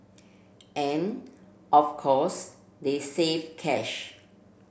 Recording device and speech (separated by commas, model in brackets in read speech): boundary microphone (BM630), read sentence